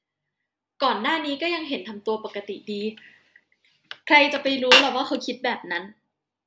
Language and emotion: Thai, frustrated